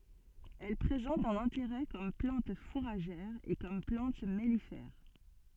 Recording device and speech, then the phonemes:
soft in-ear microphone, read sentence
ɛl pʁezɑ̃t œ̃n ɛ̃teʁɛ kɔm plɑ̃t fuʁaʒɛʁ e kɔm plɑ̃t mɛlifɛʁ

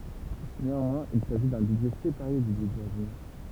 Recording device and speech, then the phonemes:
temple vibration pickup, read sentence
neɑ̃mwɛ̃z il saʒi dœ̃ bydʒɛ sepaʁe dy bydʒɛ ɔʁdinɛʁ

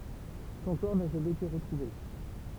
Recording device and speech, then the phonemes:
temple vibration pickup, read sentence
sɔ̃ kɔʁ na ʒamɛz ete ʁətʁuve

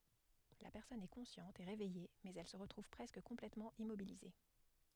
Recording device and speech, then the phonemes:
headset microphone, read sentence
la pɛʁsɔn ɛ kɔ̃sjɑ̃t e ʁevɛje mɛz ɛl sə ʁətʁuv pʁɛskə kɔ̃plɛtmɑ̃ immobilize

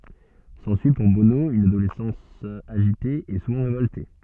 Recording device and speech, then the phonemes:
soft in-ear microphone, read sentence
sɑ̃syi puʁ bono yn adolɛsɑ̃s aʒite e suvɑ̃ ʁevɔlte

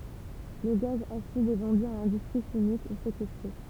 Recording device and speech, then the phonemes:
temple vibration pickup, read sentence
lə ɡaz asid ɛ vɑ̃dy a lɛ̃dystʁi ʃimik u sekɛstʁe

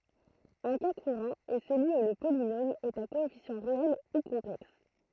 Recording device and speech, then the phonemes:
throat microphone, read sentence
œ̃ ka kuʁɑ̃ ɛ səlyi u lə polinom ɛt a koɛfisjɑ̃ ʁeɛl u kɔ̃plɛks

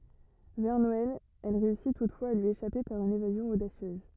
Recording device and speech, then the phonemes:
rigid in-ear microphone, read sentence
vɛʁ nɔɛl ɛl ʁeysi tutfwaz a lyi eʃape paʁ yn evazjɔ̃ odasjøz

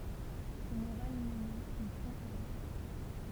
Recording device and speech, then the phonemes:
temple vibration pickup, read sentence
sɔ̃ moʁal mine il fɔ̃ ɑ̃ laʁm

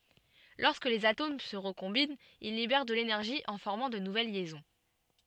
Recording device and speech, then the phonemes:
soft in-ear microphone, read sentence
lɔʁskə lez atom sə ʁəkɔ̃bint il libɛʁ də lenɛʁʒi ɑ̃ fɔʁmɑ̃ də nuvɛl ljɛzɔ̃

